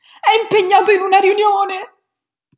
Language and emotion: Italian, sad